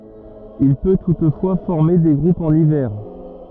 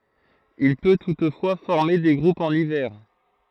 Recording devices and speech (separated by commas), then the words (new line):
rigid in-ear microphone, throat microphone, read sentence
Il peut toutefois former des groupes en hiver.